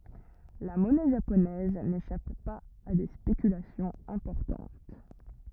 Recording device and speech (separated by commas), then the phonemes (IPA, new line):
rigid in-ear microphone, read sentence
la mɔnɛ ʒaponɛz neʃap paz a de spekylasjɔ̃z ɛ̃pɔʁtɑ̃t